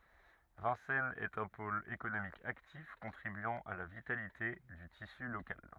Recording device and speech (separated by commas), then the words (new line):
rigid in-ear microphone, read sentence
Vincennes est un pôle économique actif contribuant à la vitalité du tissu locale.